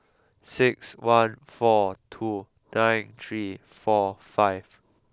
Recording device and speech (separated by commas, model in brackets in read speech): close-talking microphone (WH20), read sentence